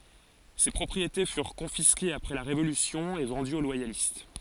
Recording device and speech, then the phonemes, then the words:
forehead accelerometer, read sentence
se pʁɔpʁiete fyʁ kɔ̃fiskez apʁɛ la ʁevolysjɔ̃ e vɑ̃dyz o lwajalist
Ces propriétés furent confisquées après la révolution et vendues aux loyalistes.

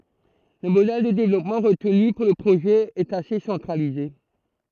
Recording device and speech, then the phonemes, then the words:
throat microphone, read sentence
lə modɛl də devlɔpmɑ̃ ʁətny puʁ lə pʁoʒɛ ɛt ase sɑ̃tʁalize
Le modèle de développement retenu pour le projet est assez centralisé.

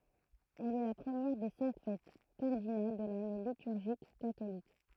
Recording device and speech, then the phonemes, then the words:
throat microphone, read sentence
ɛl ɛ la pʁəmjɛʁ de sɛ̃k fɛt kaʁdinal də lane lityʁʒik katolik
Elle est la première des cinq fêtes cardinales de l'année liturgique catholique.

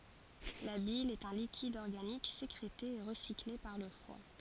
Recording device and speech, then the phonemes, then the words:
forehead accelerometer, read sentence
la bil ɛt œ̃ likid ɔʁɡanik sekʁete e ʁəsikle paʁ lə fwa
La bile est un liquide organique sécrété et recyclé par le foie.

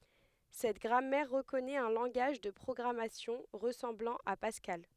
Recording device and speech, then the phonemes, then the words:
headset microphone, read sentence
sɛt ɡʁamɛʁ ʁəkɔnɛt œ̃ lɑ̃ɡaʒ də pʁɔɡʁamasjɔ̃ ʁəsɑ̃blɑ̃ a paskal
Cette grammaire reconnaît un langage de programmation ressemblant à Pascal.

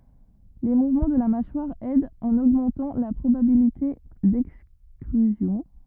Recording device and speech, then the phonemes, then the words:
rigid in-ear microphone, read sentence
le muvmɑ̃ də la maʃwaʁ ɛdt ɑ̃n oɡmɑ̃tɑ̃ la pʁobabilite dɛkstʁyzjɔ̃
Les mouvements de la mâchoire aident en augmentant la probabilité d'extrusion.

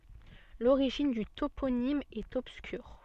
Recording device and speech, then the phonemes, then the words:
soft in-ear microphone, read sentence
loʁiʒin dy toponim ɛt ɔbskyʁ
L'origine du toponyme est obscure.

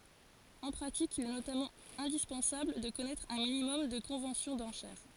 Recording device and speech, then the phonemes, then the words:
forehead accelerometer, read sentence
ɑ̃ pʁatik il ɛ notamɑ̃ ɛ̃dispɑ̃sabl də kɔnɛtʁ œ̃ minimɔm də kɔ̃vɑ̃sjɔ̃ dɑ̃ʃɛʁ
En pratique, il est notamment indispensable de connaître un minimum de conventions d'enchères.

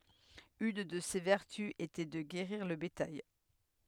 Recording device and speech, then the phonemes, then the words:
headset microphone, read sentence
yn də se vɛʁty etɛ də ɡeʁiʁ lə betaj
Une de ses vertus était de guérir le bétail.

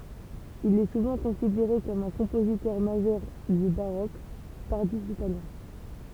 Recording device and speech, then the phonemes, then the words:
temple vibration pickup, read sentence
il ɛ suvɑ̃ kɔ̃sideʁe kɔm œ̃ kɔ̃pozitœʁ maʒœʁ dy baʁok taʁdif italjɛ̃
Il est souvent considéré comme un compositeur majeur du baroque tardif italien.

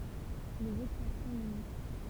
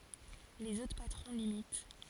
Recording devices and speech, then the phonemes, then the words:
temple vibration pickup, forehead accelerometer, read sentence
lez otʁ patʁɔ̃ limit
Les autres patrons l'imitent.

